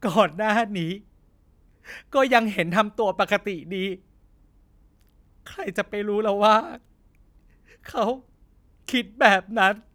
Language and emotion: Thai, sad